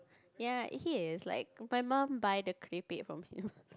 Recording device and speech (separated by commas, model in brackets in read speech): close-talking microphone, conversation in the same room